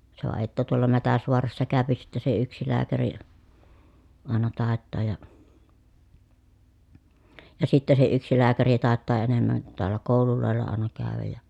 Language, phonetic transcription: Finnish, se va että tuola Mätäsvoarassa kä̀öpi sitte se yksi lääkäri ri , àena tàettaaj ja , ja sitte se yksi lääkäri tàettaa enemmän(nit) toal̆la kòululòella àena kä̀öväj ja ,.
- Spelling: se vain että tuolla Mätäsvaarassa käy sitten se yksi lääkäri - aina taitaa ja ja sitten se yksi lääkäri taitaa enemmänkin taalla kouluilla aina käydä ja

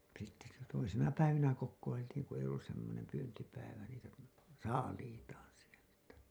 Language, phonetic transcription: Finnish, sitte sitä toisina päivinä 'kokkoiltiiŋ ku ei ollus semmonem 'pyyntipäivä niitä , "saaliitaan sieltä .
- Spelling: sitten sitä toisina päivinä kokoiltiin kun ei ollut semmoinen pyyntipäivä niitä saaliitaan sieltä

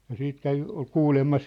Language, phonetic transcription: Finnish, ja "siit 'kävi , ol "kuulemma si- ,.
- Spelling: ja sitten kävi oli kuulemma -

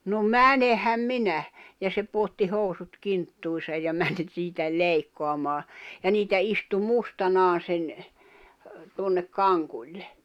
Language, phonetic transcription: Finnish, » no "mänehäm 'minä « , ja se puotti 'hòu̬sut 'kinttuisaj ja mäń 'siitä 'leikkoamaa , ja niitä 'istu "mustanaa sen , tuonnek "kaŋkuĺle .
- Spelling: no menenhän minä ja se pudotti housut kinttuihinsa ja meni siitä leikkaamaan ja niitä istui mustanaan sen tuonne kankulle

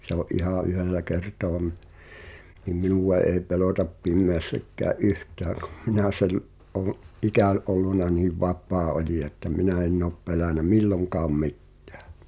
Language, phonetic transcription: Finnish, se ‿o’ "’ihà '’yhellä 'kertoa mi- , nim 'minùwa èi̬ 'pelòtap 'pimmeässäkkää’ "’yht̀ääŋ kᴜᴍ minä̀ sel’- , ’oon , '’ikä̀n ’olluna niiv "vap̳̀aa olija että 'minä enn ‿op pelänä "milloŋkaam 'mi̬ttᴀ̈ᴀ̈ .
- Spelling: se oli ihan yhdellä kertaa - niin minua ei pelota pimeässäkään yhtään kun minä - olen ikäni ollut niin vapaa olija että minä en ole pelännyt milloinkaan mitään

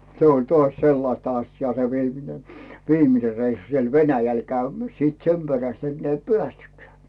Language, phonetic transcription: Finnish, 'se oĺ toaś "sellaⁱsta 'asjaa se 'viimine , "viimine 'reissu siel "Venäjäl 'käymᴀ̈ˢ , siit "sem 'peräst 'enneä ‿i "peästykkeä̀ .
- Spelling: se oli taas sellaista asiaa se viimeinen viimeinen reissu siellä Venäjällä käymässä sitten sen perästä enää ei päästykään

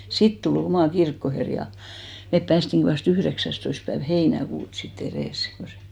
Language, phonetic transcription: Finnish, 'sit tu'l ‿omà "kirkkoher ja , mep 'päästiŋki vas't ‿yhδeksästoist päev "heinäkuut si't ‿erès , ko se ,.
- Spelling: sitten tuli oma kirkkoherra ja me päästiinkin vasta yhdeksästoista päivä heinäkuuta sitten edes kun se

